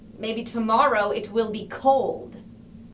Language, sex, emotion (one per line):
English
female
disgusted